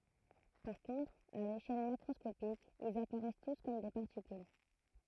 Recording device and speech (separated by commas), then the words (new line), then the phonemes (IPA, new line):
throat microphone, read sentence
Par contre, à l'échelle macroscopique, ils apparaissent tous comme des particules.
paʁ kɔ̃tʁ a leʃɛl makʁɔskopik ilz apaʁɛs tus kɔm de paʁtikyl